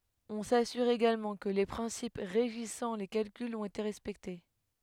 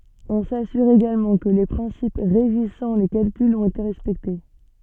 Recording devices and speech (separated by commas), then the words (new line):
headset microphone, soft in-ear microphone, read sentence
On s'assure également que les principes régissant les calculs ont été respectés.